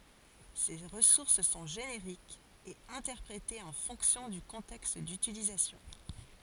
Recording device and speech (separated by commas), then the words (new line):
forehead accelerometer, read sentence
Ces ressources sont génériques et interprétée en fonction du contexte d'utilisation.